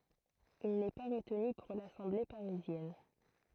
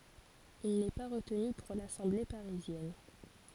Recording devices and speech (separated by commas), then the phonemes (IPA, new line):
throat microphone, forehead accelerometer, read sentence
il nɛ pa ʁətny puʁ lasɑ̃ble paʁizjɛn